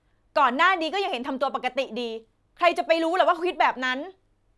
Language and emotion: Thai, angry